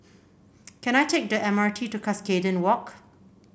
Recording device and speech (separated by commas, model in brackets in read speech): boundary microphone (BM630), read sentence